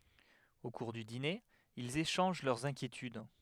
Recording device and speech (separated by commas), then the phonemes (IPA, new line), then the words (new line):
headset microphone, read sentence
o kuʁ dy dine ilz eʃɑ̃ʒ lœʁz ɛ̃kjetyd
Au cours du dîner, ils échangent leurs inquiétudes.